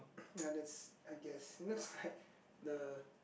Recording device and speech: boundary microphone, conversation in the same room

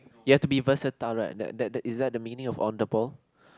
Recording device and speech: close-talking microphone, conversation in the same room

